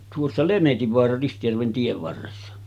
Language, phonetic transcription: Finnish, tuossa "Lemetivvoara 'Ristijärven tiev varressa .
- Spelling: tuossa Lemetinvaara Ristijärven tien varressa

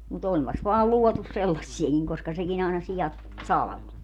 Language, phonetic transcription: Finnish, mu't ‿ompas vaal 'luɔtus "sellassiekiŋ koska 'sekin ‿àena 'sijat , "salᵃvo .
- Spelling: mutta onpas vain luotu sellaisiakin koska sekin aina siat salvoi

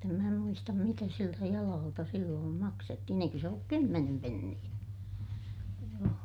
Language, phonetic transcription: Finnish, mutt ‿em mää muistam mitä siltä jalaalta silloom maksettihin ‿eikö se olluk kymmenem penniʲä , joo .
- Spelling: mutta en minä muista mitä siltä jalalta silloin maksettiin eikö se ollut kymmenen penniä joo

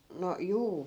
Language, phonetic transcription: Finnish, no , "juu .
- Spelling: no juu

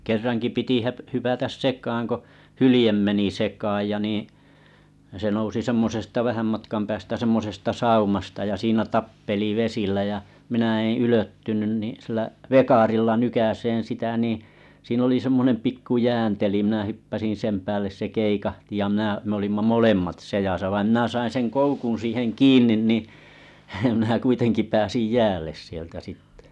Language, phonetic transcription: Finnish, 'kerraŋki piti hä- , 'hypätäs "sek̀aaŋ ko , 'hylⁱjem meni 'sekaaj ja niiⁱ̰ , se nousi 'semmosesta vähääm matkam päästä 'semmosesta 'saumasta ja siinä "tappeli 'vesillä jä , minä eḛ 'ylöttynyn ni sillä’ , "vekarilla 'nykäseen sitä nìḭ , siin ‿li 'semmonem 'pikku "jään teli mⁱnä 'hyppäsin̬ 'sem päälles se 'keikahti ja mⁱnää m ‿olimma "molemmat 'sejasa vaim mⁱnä̀ sain seŋ 'koukun̬ siiheŋ "kiinnin ni , mnää 'kuitenki pääsij "jäälles sieltä sittᴇ .
- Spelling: kerrankin piti - hypätä sekaan kun hylje meni sekaan ja niin se nousi semmoisesta vähän matkan päästä semmoisesta saumasta ja siinä tappeli vesillä ja minä en ylettynyt niin sillä vekarilla nykäisemään sitä niin siinä oli semmoinen pikku jään teli minä hyppäsin sen päälle se keikahti ja minä me olimme molemmat seassa vain minä sain sen koukun siihen kiinni niin minä kuitenkin pääsin jäälle sieltä sitten

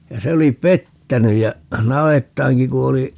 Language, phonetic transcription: Finnish, ja 'se oli "pettäny ja , 'na₍ettaaŋki ku oli , .
- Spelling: ja se oli pettänyt ja navettaankin kun oli

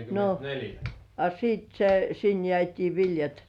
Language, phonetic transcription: Finnish, no , a siit- se , sin "jĕä̀t́ii 'viljat .
- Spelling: no a - se sinne jäätiin viljat

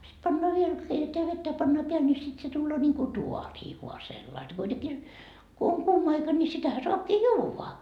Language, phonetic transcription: Finnish, sit 'pannoa viel , 'keiteteä vettä ja 'pannaa 'peäl ni sit se tulloo ńiiŋku "tuarii vua sellai kuiteki , ko oŋ 'kuuma aika ni sitähä 'soapkii "juuva .
- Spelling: sitten pannaan vielä keitetään vettä ja pannaan päälle niin sitten se tulee niin kuin taaria vain sellainen kuitenkin kun on kuuma aika niin sitähän saakin juoda

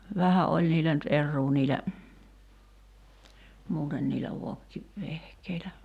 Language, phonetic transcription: Finnish, "vähä ’oĺ niilä nyt '’erruu niilä , 'muuten niilä 'vokki- , '-vehkeilä .
- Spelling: vähän oli niillä nyt eroaa niillä muuten niillä - vokkivehkeillä

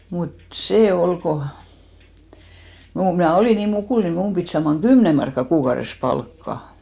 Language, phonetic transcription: Finnish, mut "sè "ol ko , mu- , mnä̀ 'olì nii 'mukùl ni 'mum pit saamaŋ "ɢymne markka 'kuukaures 'palkka .
- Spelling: mutta se oli kun - minä olin niin mukula niin minun piti saaman kymmenen markkaa kuukaudessa palkkaa

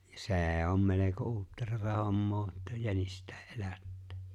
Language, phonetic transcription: Finnish, ja "se̬e̬ 'om meleko "uutterata 'hommoo että 'jänist̀äe’ '’elättᴀ̈ᴀ̈ .
- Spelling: ja se on melko uutteraa hommaa että jänistäkin elättää

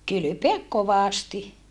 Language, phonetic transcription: Finnish, kylypeäk kovàsti .
- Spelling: kylpeä kovasti

